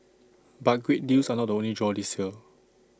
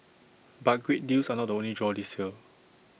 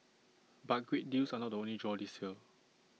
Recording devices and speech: standing microphone (AKG C214), boundary microphone (BM630), mobile phone (iPhone 6), read sentence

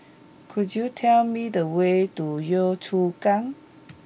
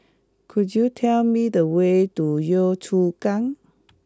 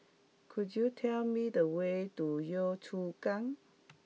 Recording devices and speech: boundary microphone (BM630), close-talking microphone (WH20), mobile phone (iPhone 6), read sentence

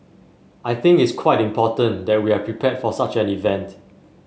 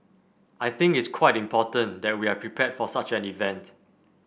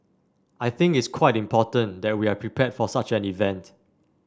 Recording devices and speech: mobile phone (Samsung S8), boundary microphone (BM630), standing microphone (AKG C214), read sentence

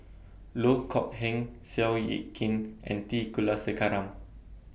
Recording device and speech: boundary microphone (BM630), read sentence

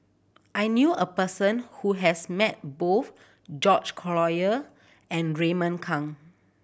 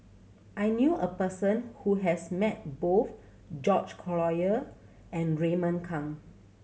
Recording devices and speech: boundary microphone (BM630), mobile phone (Samsung C7100), read sentence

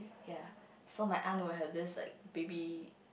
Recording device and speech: boundary microphone, conversation in the same room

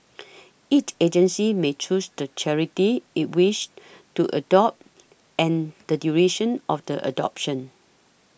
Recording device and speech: boundary microphone (BM630), read sentence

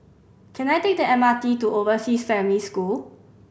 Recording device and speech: boundary microphone (BM630), read sentence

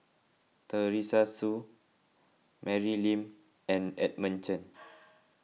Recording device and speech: mobile phone (iPhone 6), read sentence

